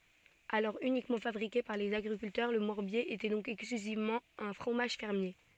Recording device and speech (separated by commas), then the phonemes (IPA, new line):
soft in-ear microphone, read sentence
alɔʁ ynikmɑ̃ fabʁike paʁ lez aɡʁikyltœʁ lə mɔʁbje etɛ dɔ̃k ɛksklyzivmɑ̃ œ̃ fʁomaʒ fɛʁmje